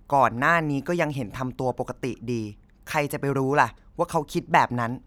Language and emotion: Thai, frustrated